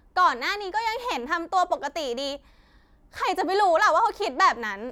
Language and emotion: Thai, frustrated